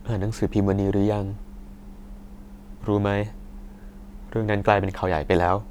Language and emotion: Thai, sad